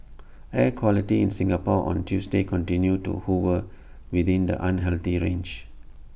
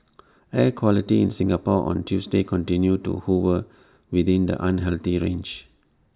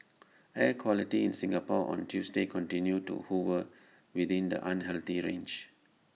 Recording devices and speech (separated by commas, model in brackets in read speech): boundary microphone (BM630), standing microphone (AKG C214), mobile phone (iPhone 6), read sentence